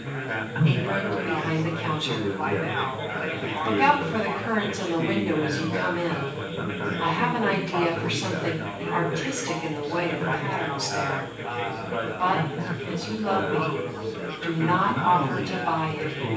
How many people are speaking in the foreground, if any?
One person.